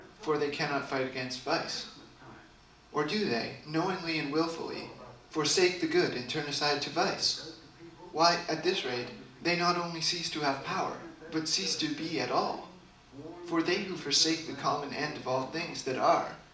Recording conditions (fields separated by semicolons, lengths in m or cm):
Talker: one person; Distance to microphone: 2.0 m; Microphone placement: close; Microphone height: 99 cm; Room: medium-sized (5.7 m by 4.0 m); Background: television